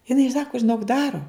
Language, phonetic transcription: Lithuanian, jiˈnai ˈsako žiˈnok ˈdaro

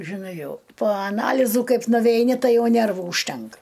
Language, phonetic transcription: Lithuanian, žiˈnai ˈjau po aˈnalyzų ˈkaip nuveiˈni ˈtai ˈjau ˈnervų užˈtenka

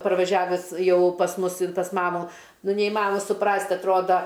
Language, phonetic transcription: Lithuanian, parvaˈžiaves ˈjau pas ˈmus in pas ˈmamu ˈnu neiˈmanoma suˈprast' atˈroda

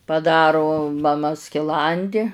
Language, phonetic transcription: Lithuanian, paˈdaru maˈma skiˈlandi

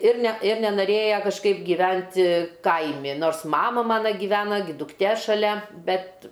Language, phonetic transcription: Lithuanian, ir ne ir nenaˈrėja kažˈkaip gyˈventi ˈkaimi ˈnors ˈmama ˈmana giˈvena gi dukˈtė šaˈlia ˈbet

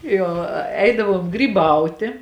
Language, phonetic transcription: Lithuanian, ˈjo ˈeidavom gryˈbautė

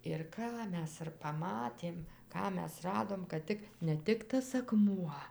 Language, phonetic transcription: Lithuanian, ir ˈką ˈmes ir paˈmatėm ˈką ˈmes ˈradom kad ˈtik ne ˈtik tas aˈkmuo

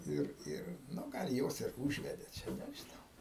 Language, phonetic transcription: Lithuanian, ˈir ˈir ˈnu ˈgal ˈjos ir ˈūžvedė ˈčia nežiˈnau

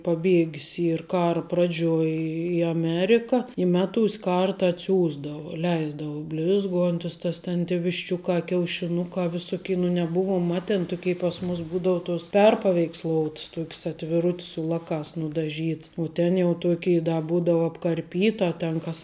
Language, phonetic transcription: Lithuanian, paˈbiegis ˈyr ˈkara ˈpradžiuoj i aˈmerika i ˈmeˌtūs' ˈkarta atˈsiųsdavu ˈleisdavu ˈblizˌguontis ˈtas ten tė višˈčiukā kiaušiˈnukā viˈsuki nu neˈbuvuom ˈmatėn ˈtukei pas mus ˈbūdau tos ˈperpaveiksˌlouts ˈtuok's atviˈrut's su ˈlakās nudaˈžyts u ten jau ˈtokei da ˈbūdau apkarˈpyta ten ˈkas

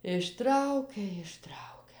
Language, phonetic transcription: Lithuanian, išˈtraukia išˈtraukia

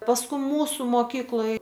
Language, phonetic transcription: Lithuanian, pasˈku ˈmūsu moˈkykloj

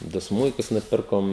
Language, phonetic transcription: Lithuanian, ˈdu ˈsmuikus nuˈpirkom

